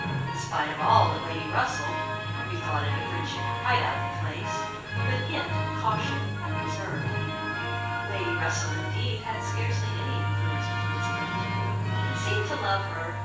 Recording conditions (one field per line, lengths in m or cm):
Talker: one person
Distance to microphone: 9.8 m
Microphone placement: far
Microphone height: 1.8 m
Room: large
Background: television